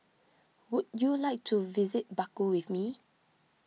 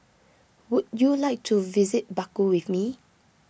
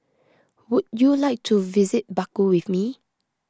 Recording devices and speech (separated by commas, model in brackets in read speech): mobile phone (iPhone 6), boundary microphone (BM630), close-talking microphone (WH20), read sentence